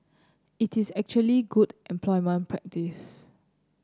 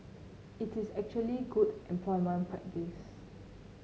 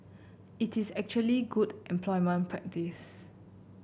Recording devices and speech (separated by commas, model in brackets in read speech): close-talking microphone (WH30), mobile phone (Samsung C9), boundary microphone (BM630), read sentence